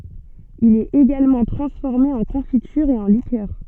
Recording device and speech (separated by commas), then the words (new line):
soft in-ear microphone, read sentence
Il est également transformé en confiture et en liqueurs.